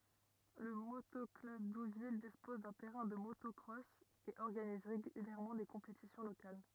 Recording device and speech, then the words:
rigid in-ear microphone, read sentence
Le Moto-club d'Ouville dispose d'un terrain de motocross et organise régulièrement des compétitions locales.

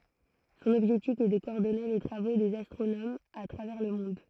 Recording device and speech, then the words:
throat microphone, read sentence
Son objectif est de coordonner les travaux des astronomes à travers le monde.

